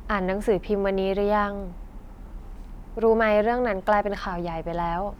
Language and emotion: Thai, neutral